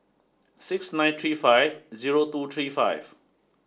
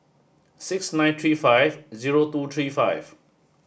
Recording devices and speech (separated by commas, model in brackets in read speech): standing microphone (AKG C214), boundary microphone (BM630), read sentence